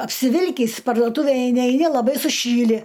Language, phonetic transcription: Lithuanian, apsiˈvilkįs parduoˈtūvėj eiˈni eiˈni laˈbai suˈšyli

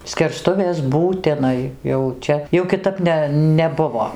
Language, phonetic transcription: Lithuanian, skerˈstuvės būtiˈnai jau ˈčia jau kiˈtap ne neˈbuvo

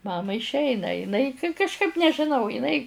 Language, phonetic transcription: Lithuanian, ˈmamai išˈeina iˈnai kažˈkaip nežiˈnau iˈnai

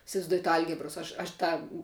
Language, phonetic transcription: Lithuanian, isivaizˈduojat ˈalgibros ˈaš aš ˈtą

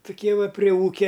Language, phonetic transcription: Lithuanian, tuˈkie ˈva pri ˈūkia

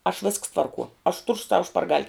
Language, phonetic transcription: Lithuanian, aš visks ˈtvarkuo aš tur sau šparˈgal'

